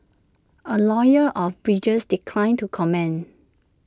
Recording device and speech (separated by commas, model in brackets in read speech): standing microphone (AKG C214), read sentence